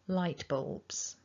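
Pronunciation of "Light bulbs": In 'bulbs', the l and the b glide together into one 'orb' sound.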